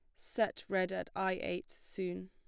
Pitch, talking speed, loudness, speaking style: 185 Hz, 175 wpm, -37 LUFS, plain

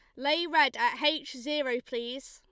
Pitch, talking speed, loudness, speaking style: 295 Hz, 170 wpm, -29 LUFS, Lombard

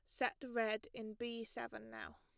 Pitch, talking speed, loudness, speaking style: 220 Hz, 180 wpm, -43 LUFS, plain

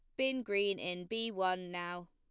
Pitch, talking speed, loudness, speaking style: 190 Hz, 190 wpm, -36 LUFS, plain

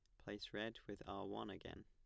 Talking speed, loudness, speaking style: 220 wpm, -50 LUFS, plain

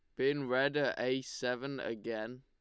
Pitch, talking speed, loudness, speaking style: 130 Hz, 165 wpm, -35 LUFS, Lombard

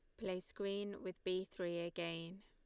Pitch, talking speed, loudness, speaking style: 185 Hz, 160 wpm, -44 LUFS, Lombard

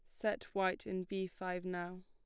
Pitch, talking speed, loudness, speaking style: 185 Hz, 195 wpm, -40 LUFS, plain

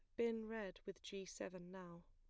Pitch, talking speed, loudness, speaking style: 190 Hz, 190 wpm, -49 LUFS, plain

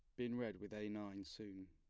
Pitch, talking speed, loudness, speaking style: 105 Hz, 240 wpm, -48 LUFS, plain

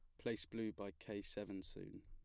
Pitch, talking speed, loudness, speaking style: 100 Hz, 195 wpm, -48 LUFS, plain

